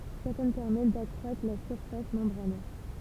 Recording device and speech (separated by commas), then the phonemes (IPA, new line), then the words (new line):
temple vibration pickup, read sentence
sɛʁtɛn pɛʁmɛt dakʁwatʁ la syʁfas mɑ̃bʁanɛʁ
Certaines permettent d'accroître la surface membranaire.